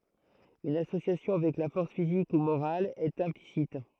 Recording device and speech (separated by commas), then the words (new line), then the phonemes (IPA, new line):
throat microphone, read sentence
Une association avec la force physique ou morale est implicite.
yn asosjasjɔ̃ avɛk la fɔʁs fizik u moʁal ɛt ɛ̃plisit